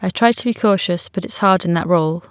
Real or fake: real